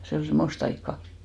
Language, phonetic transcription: Finnish, se ol 'sem̆most ‿aikka .
- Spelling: se oli semmoista aikaa

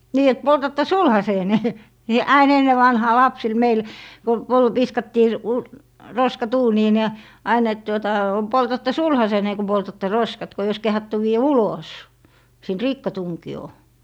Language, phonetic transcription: Finnish, 'nii et 'poltatta "sulhaseene , ni 'ain 'enne vanhaa 'lapsil 'meil , ku pol - 'viskattii v- , 'roskat 'uuniin ja , 'ain ‿et tuota , 'poltattɛ "sulhaseeǹe ku 'poltatte "roskat ko ei ois 'kehattu vii₍ä "ulos , sìnt "rikkatuŋki₍oo .
- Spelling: niin että poltatte sulhasenne niin aina ennen vanhaan lapsille meille kun - viskattiin - roskat uuniin ja aina että tuota poltatte sulhasenne kun poltatte roskat kun ei olisi kehdattu viedä ulos siitä rikkatunkioon

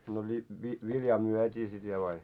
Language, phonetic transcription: Finnish, no li- vi- viljaa "muɔ̈t́ii sit viel ai ?
- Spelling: no - - viljaa myytiin sitten vielä aina

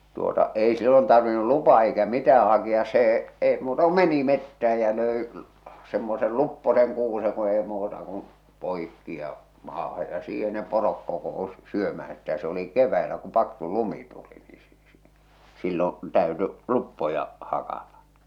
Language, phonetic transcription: Finnish, tuota , 'ei sillon tarvinnu "lupaa eikä "mitää haki₍as see , èi muuta ku "meni mettäh̬ä ja lö̀i , semmosel "lupposeŋ kuuse ku ei muuta kun̬ , 'poikki ja , 'maaha ja 'siihe ne 'porok 'koko₍usɪ 'syömäh̬än̬ sitä se oli 'kev̆väilä kuᵐ 'paksu "lumi tuli nii sɪ- sɪ- sillon̬ , tä̀ö̭ty , "luppoja , 'hakata .
- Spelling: tuota ei silloin tarvinnut lupaa eikä mitään hakea se ei muuta kuin meni metsään ja löi semmoisen luppoisen kuusen kun ei muuta kuin poikki ja maahan ja siihen ne porot kokoontui syömään sitä se oli keväisin kun paksu lumi tuli niin - - silloin täytyi luppoja hakata

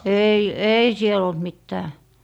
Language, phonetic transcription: Finnish, 'ei , "ei 'siel ‿olt 'mittää .
- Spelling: ei ei siellä ollut mitään

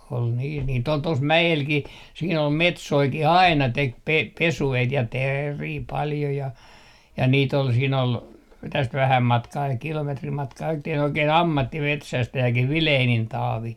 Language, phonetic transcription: Finnish, ol niis niitt ‿ol 'tos "mä₍elkih , siin ‿ol "metsoiki"h ‿aina 'tek pe - 'pesu₍eit ja "teerii 'paljo ja , ja nii't ‿ol siin ‿ol , täst 'vähäm matkaa kilometrim 'matkaa että ol oikee"n ‿ammattimetsästäjäkih "Vileenin 'Taavi .
- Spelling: oli niissä niitä oli tuossa mäelläkin siinä oli metsojakin aina teki - pesueita ja teeriä paljon ja ja niitä oli siinä oli tästä vähän matkaa kilometrin matkaa että oli oikein ammattimetsästäjäkin Vilenin Taavi

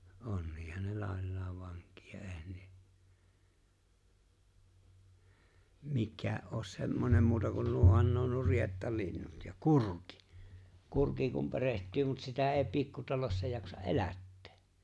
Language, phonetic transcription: Finnish, ’onniihan ne 'làellaav 'vaŋk̀̀ia , '’e̬e̬hän ne , 'mikkää’ ’oos 'semmonem muuta kun 'nuohan nuo on nuo "rietta'linnut ja "kurkɪ , "kurki kum 'pereht̀yy mut 'sitä '’e̬e̬ 'pikkutalossa 'jaksa’ "’elättᴇᴇ .
- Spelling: onkinhan ne laillaan vankia eihän ne mikään ole semmoinen muuta kuin nuohan nuo on nuo riettalinnut ja kurki kurki kun perehtyy mutta sitä ei pikkutalossa jaksa elättää

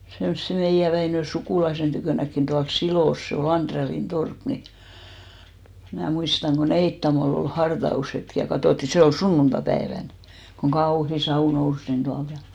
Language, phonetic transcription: Finnish, semsse 'meijä Väinö 'sukùlaisen tykö̀näkkin ᴅuals "Silòs , se o"l ‿-Andrellin 'torp ni , mnä̀ 'muistaŋ ko "Neittamol ‿ol 'harta₍ushetk ja 'katòtti , 'se ol "sunnunta'päevän , koŋ "ɢauhi 'sau 'nous nin 'ᴅualt ja .
- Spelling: semmoisen meidän Väinön sukulaisen tykönäkin tuolla Silossa se oli Andrellin torppa niin minä muistan kun Neittamolla oli hartaushetki ja katsottiin se oli sunnuntaipäivänä kun kauhea savu nousi niin tuolta ja

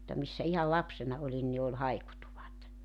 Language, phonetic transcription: Finnish, mutta 'missä ihal 'lapsena 'olin ni ol 'haikutuvat .
- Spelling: mutta missä ihan lapsena olin niin oli haikutuvat

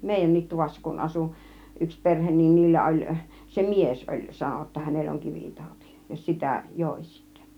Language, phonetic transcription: Finnish, mèijännit 'tuvassa kun "asu , 'yks "perhen niin 'niillä oĺ , 'se "mies oĺ , 'sano °tta 'hänell ‿oŋ "kivivtàuti , ja "sitä "jòi sittÄ .
- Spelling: meidänkin tuvassa kun asui yksi perhe niin niillä oli se mies oli sanoi jotta hänellä on kivitauti ja sitä joi sitten

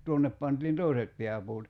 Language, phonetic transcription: Finnish, 'tuonnep pantiin "tòiset 'pḙäpuut .
- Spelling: tuonne pantiin toiset pääpuut

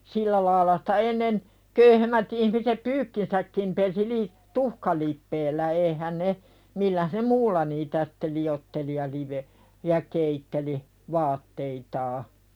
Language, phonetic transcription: Finnish, sillä laaⁱla sᴵtä 'ennen , 'köyhemmät ihmisep "pyykkinsäkkim pesi li- , "tuhkalippeellä eihän ne , "milläh ne "muulla niitä sᴵtte 'li₍otteli ja live- , ja 'keitteli , "vaatteitaa .
- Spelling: sillä lailla sitä ennen köyhemmät ihmiset pyykkinsäkin pesi - tuhkalipeällä eihän ne millään ne muulla niitä sitten liotteli ja - ja keitteli vaatteitaan

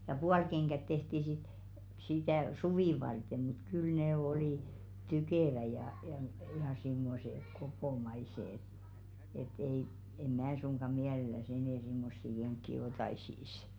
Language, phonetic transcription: Finnish, ja "pualkeŋɢät 'tehti sit , sitä̀ "suvì varte mut 'kyl nè oli , "tykèvä ja , jà m- ja simmose 'kopomaise ‿ĕt , et ei , e'm̆ 'mää suŋɢa "miäleläs enɛ̀ simmossi 'keŋkki 'otaisìs .
- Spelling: ja puolikengät tehtiin sitten sitä suvea varten mutta kyllä ne oli tukevat ja ja - ja semmoiset kopomaiset että että ei en minä suinkaan mielellänsä enää semmoisia kenkiä ottaisi

